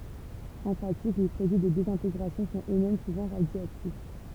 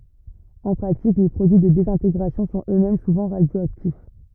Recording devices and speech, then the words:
temple vibration pickup, rigid in-ear microphone, read sentence
En pratique, les produits de désintégration sont eux-mêmes souvent radioactifs.

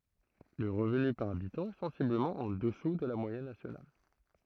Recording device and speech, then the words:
throat microphone, read sentence
Le revenu par habitant est sensiblement en dessous de la moyenne nationale.

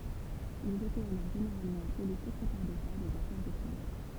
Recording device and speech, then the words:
temple vibration pickup, read sentence
Ils étaient alors généralement appelés secrétaires d'État des Affaires étrangères.

